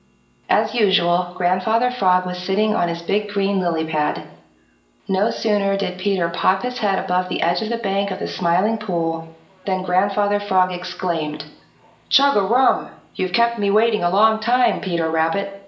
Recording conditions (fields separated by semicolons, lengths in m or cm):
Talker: one person; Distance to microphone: 1.8 m; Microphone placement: close; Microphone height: 1.0 m; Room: large; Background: television